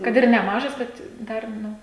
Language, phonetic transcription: Lithuanian, ˈkad ir neˈmažas ˈbet ˈdar ˈnu

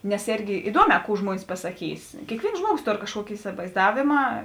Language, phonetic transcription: Lithuanian, nes ˈėrgi iˈduoˌmē ˈkų ˈžmuonis pasaˈkys kėkˈvėins ˈžmuoˌgos ˈtor kažˈkuoki isivaizˈdavėma

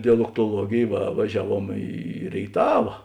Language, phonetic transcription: Lithuanian, dialoktoˈluogėj va vaˈžiaˌvuom į rėiˈtava

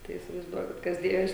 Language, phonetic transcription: Lithuanian, tai įsivaizˈduokit ˈkas ˈdėjos

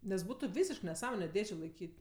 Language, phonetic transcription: Lithuanian, nes ˈbūtu ˈvysišk neˈsąmone ˈdėžė laiˈkyt'

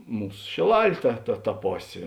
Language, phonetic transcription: Lithuanian, ˈmūs šėˈlal' ˈta ta ta ˈposė

